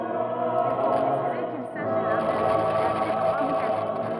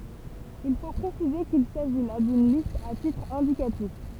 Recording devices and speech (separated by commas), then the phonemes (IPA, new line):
rigid in-ear microphone, temple vibration pickup, read sentence
il fo pʁesize kil saʒi la dyn list a titʁ ɛ̃dikatif